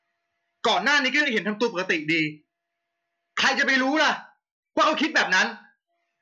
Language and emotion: Thai, angry